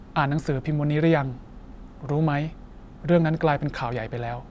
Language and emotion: Thai, neutral